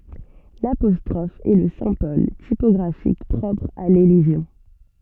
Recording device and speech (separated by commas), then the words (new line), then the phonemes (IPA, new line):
soft in-ear microphone, read sentence
L’apostrophe est le symbole typographique propre à l’élision.
lapɔstʁɔf ɛ lə sɛ̃bɔl tipɔɡʁafik pʁɔpʁ a lelizjɔ̃